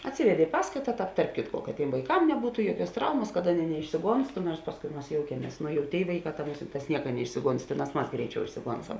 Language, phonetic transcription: Lithuanian, atˈsivedė i ˈpaskaita ˈtāp tarp ˈkitko kad ˈtėm vaiˈkam neˈbūtu ˈjuoˌkiuos ˈtraumas kad ˈaˌnėi neišsiˈgonstu nors ˈpaskui ˈmas ˈjoukiemies nu jau tėi ˈvaiˌkā ta ˈmusinˌtās ˈnieka neˈišsiˌgons ˈtėˌnās ˈmas ˈgreiˌčiau išsiˈgonsam

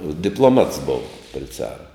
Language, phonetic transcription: Lithuanian, diploˈmats ˈbova pri ˈcara

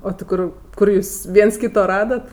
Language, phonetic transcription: Lithuanian, o ti ˈkur ˈkur jūs ˈviens ˈkyto ˈradat

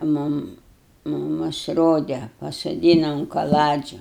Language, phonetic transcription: Lithuanian, ˈmum muˈmus ˈrode pasoˈdyna un kaˈladžiu

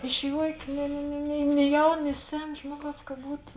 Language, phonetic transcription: Lithuanian, iš ˈjuokė ni ni ni ni ˈni ˈjaun ni ˈsen ˈžmuoˌgaus ka ˈbūto

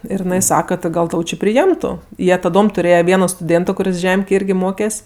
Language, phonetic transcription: Lithuanian, ˈir iˈnai ˈsaka ti ˈgal ˈtau či priˈjemtu ˈjie taˈdom tuˈrėje ˈvieno stuˈdėnto kuˈris ˈžemkėj ˈirgi ˈmokes'

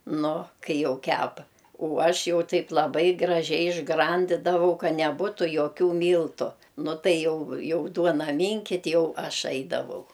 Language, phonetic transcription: Lithuanian, ˈnu ˈkai ˈjau ˈkepa o ˈaš ˈjau ˈtaip laˈbai graˈžiai išˈgrandidavau ˈka neˈbūtu joˈkių ˈmyltu ˈnu ˈtai ˈjau ˈjau ˈduona ˈminkit' ˈjau ˈaš ˈaidavau

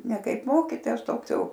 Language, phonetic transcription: Lithuanian, ne ˈkaip ˈmokytojas ˈtoks ˈjau

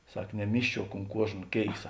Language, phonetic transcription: Lithuanian, ˈsak neˈmyžčiuok unt ˈkuožna ˈkėisa

